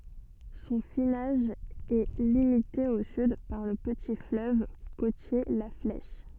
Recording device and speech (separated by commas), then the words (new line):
soft in-ear microphone, read sentence
Son finage est limité au sud par le petit fleuve côtier la Flèche.